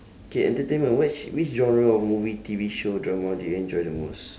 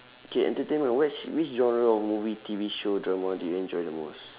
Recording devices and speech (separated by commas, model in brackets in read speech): standing microphone, telephone, conversation in separate rooms